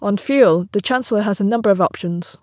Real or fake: real